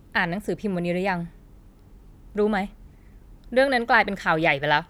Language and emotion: Thai, angry